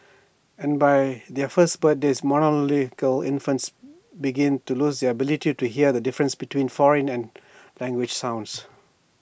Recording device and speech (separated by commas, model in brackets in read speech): boundary microphone (BM630), read sentence